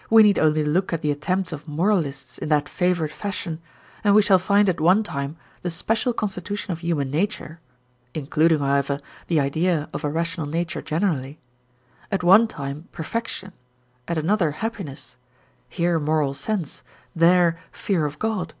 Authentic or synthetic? authentic